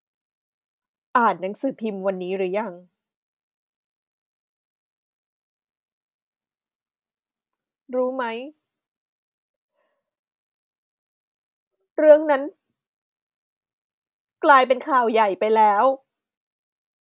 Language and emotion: Thai, sad